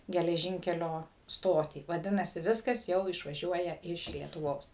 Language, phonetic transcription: Lithuanian, geleˈžynkelio ˈstotį vaˈdinasi ˈviskas ˈjau išvaˈžiuoja ˈiš lietuˈvos

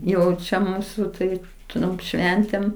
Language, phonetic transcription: Lithuanian, ˈjau čia ˈmūsu ˈtaip ˈturim ˈšventėm

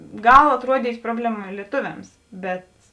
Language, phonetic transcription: Lithuanian, ˈgal atˈruodyt' ˈprobleˌma lieˈtuviams bet

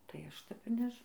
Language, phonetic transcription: Lithuanian, tai ˈaš ˈtep ir ˈnež

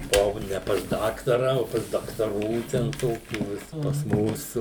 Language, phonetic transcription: Lithuanian, buˈvau ne pas ˈdaktara o pas daktaˈrų ˈten ˈtokių ˈvis pas ˈmūsu

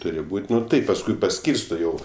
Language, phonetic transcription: Lithuanian, ˈturi ˈbūt' ˈnu ˈtaip pasˈkui paˈskyrsto ˈjau

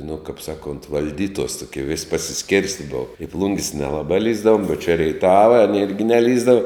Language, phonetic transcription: Lithuanian, nu kap ˈsaˌkont valˈdytuos tuˈkie vis' pasiˈskėrsti ˈbova i ˈplungis nelaˈba ˈlįsdavum u čia reiˈtava anė ˈirgi neˈlįsdava

